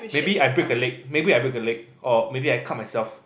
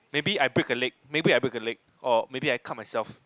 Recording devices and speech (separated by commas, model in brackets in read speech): boundary microphone, close-talking microphone, conversation in the same room